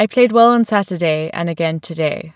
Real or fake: real